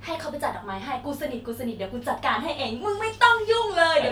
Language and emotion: Thai, happy